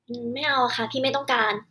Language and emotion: Thai, neutral